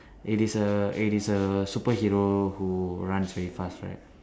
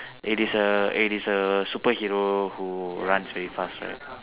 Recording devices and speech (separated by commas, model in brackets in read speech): standing microphone, telephone, conversation in separate rooms